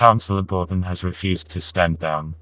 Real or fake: fake